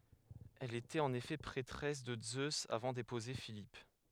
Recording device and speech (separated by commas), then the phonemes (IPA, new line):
headset microphone, read sentence
ɛl etɛt ɑ̃n efɛ pʁɛtʁɛs də zøz avɑ̃ depuze filip